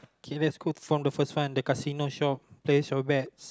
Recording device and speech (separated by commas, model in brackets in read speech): close-talking microphone, conversation in the same room